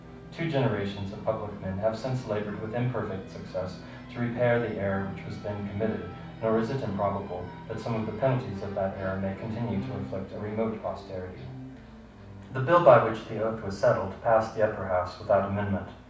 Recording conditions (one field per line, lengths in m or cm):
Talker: one person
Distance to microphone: 5.8 m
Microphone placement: far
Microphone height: 1.8 m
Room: medium-sized (5.7 m by 4.0 m)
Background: television